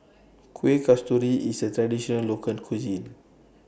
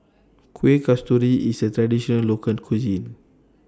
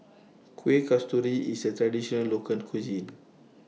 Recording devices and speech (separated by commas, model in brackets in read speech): boundary microphone (BM630), standing microphone (AKG C214), mobile phone (iPhone 6), read sentence